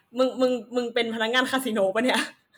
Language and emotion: Thai, happy